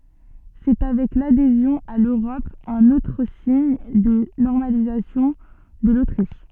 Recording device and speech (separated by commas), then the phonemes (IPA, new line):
soft in-ear microphone, read sentence
sɛ avɛk ladezjɔ̃ a løʁɔp œ̃n otʁ siɲ də nɔʁmalizasjɔ̃ də lotʁiʃ